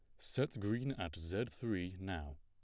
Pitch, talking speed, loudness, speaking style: 100 Hz, 165 wpm, -41 LUFS, plain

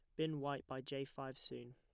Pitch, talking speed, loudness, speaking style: 135 Hz, 235 wpm, -45 LUFS, plain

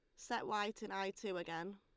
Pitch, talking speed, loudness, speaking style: 195 Hz, 230 wpm, -42 LUFS, Lombard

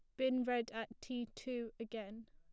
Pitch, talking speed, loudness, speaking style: 230 Hz, 175 wpm, -42 LUFS, plain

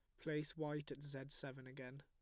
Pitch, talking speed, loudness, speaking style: 140 Hz, 200 wpm, -48 LUFS, plain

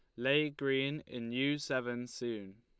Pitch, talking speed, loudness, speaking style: 130 Hz, 150 wpm, -35 LUFS, Lombard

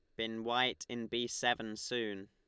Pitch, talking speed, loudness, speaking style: 115 Hz, 175 wpm, -36 LUFS, Lombard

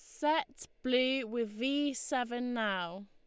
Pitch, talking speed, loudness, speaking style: 250 Hz, 125 wpm, -33 LUFS, Lombard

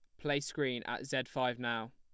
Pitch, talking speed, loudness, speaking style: 130 Hz, 210 wpm, -36 LUFS, plain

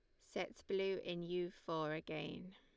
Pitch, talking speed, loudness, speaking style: 175 Hz, 155 wpm, -44 LUFS, Lombard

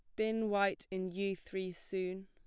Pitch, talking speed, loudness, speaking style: 190 Hz, 175 wpm, -37 LUFS, plain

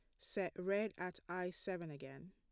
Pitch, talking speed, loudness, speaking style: 180 Hz, 170 wpm, -44 LUFS, plain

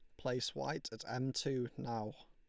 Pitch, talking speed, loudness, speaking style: 125 Hz, 175 wpm, -40 LUFS, Lombard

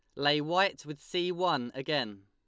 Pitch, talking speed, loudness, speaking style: 150 Hz, 175 wpm, -30 LUFS, Lombard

